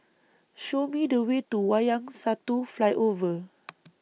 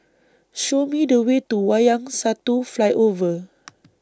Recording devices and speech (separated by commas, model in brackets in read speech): mobile phone (iPhone 6), standing microphone (AKG C214), read sentence